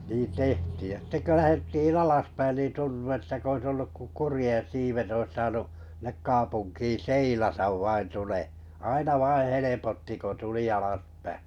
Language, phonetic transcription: Finnish, nii 'tehtiij ja sitte kö 'lähettiin "alaspäin nìn 'tuntu että 'k ‿ois olluk ko 'kurⁱjeᵉ̰ 'siivet ois 'saanu’ , sⁱnek 'kaapunkii "seilatav 'vain 'tule- , aina 'vaiḭ 'helepotti ko tuli alaspä- .
- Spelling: niin tehtiin ja sitten kun lähdettiin alaspäin niin tuntui että kuin olisi ollut kuin kurjen siivet olisi saanut sinne kaupunkiin seilata vain - aina vain helpotti kun tuli alaspäin

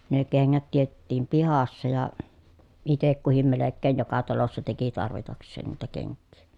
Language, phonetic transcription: Finnish, ne keŋŋät tietettiim pihassa ja , itek kuhim melekkeen joka talossa teki tarvitaks̆seen niitä keŋkkii .
- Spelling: ne kengät teetettiin pihassa ja itse kukin melkein joka talossa teki tarvitakseen niitä kenkiä

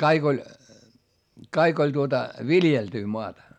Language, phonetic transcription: Finnish, kaik ‿oĺ , kaik ‿oĺ tuota , viljeltyy moata .
- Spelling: kaikki oli kaikki oli tuota viljeltyä maata

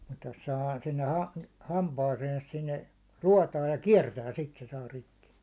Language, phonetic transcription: Finnish, mut jos 'sahaa sinne 'ha- 'hampaaseens sinne , 'ruotaaj ja "kiɛrtää sit se 'saa 'rikki .
- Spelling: mutta jos sahaa sinne - hampaaseensa sinne ruotoon ja kiertää sitten se saa rikki

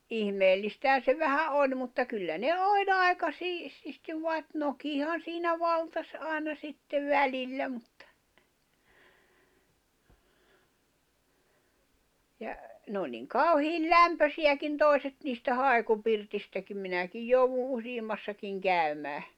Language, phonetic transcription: Finnish, 'ihmeellistähä se vähä '’oĺ mutta 'kyllä ne "òĺ 'ài̬ka 'siististiv vai̬t 'nokihan̬ siinä 'valtas '’ài̬na 'sittev "välillä muttᴀ. , ja , nᵉ ‿oĺ niŋ "kau̬hiil "lämpösiʲäkin 'tòi̬set niistä 'hài̬kupirtistäkim 'minäkij jouvu "usiimmassakiŋ 'kä̀y̬mää .
- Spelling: ihmeellistähän se vähän oli mutta kyllä ne oli aika siististi vaan nokihan siinä valtasi aina sitten välillä mutta ja ne oli niin kauhean lämpöisiäkin toiset niistä haikupirteistäkin minäkin jouduin useammassakin käymään

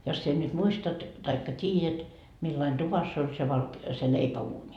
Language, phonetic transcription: Finnish, jos sie nyt 'muistat , taikka "t́iijät , millain "tuvass ‿oĺ se valk- , se 'leipä₍uuńi .
- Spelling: jos sinä nyt muistat tai tiedät millainen tuvassa oli se - se leipäuuni

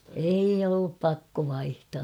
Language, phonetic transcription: Finnish, 'eij ‿ollup "pakko 'vaihtaa .
- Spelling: ei ollut pakko vaihtaa

